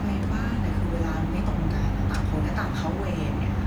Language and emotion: Thai, frustrated